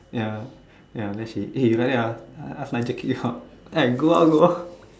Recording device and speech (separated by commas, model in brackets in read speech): standing microphone, conversation in separate rooms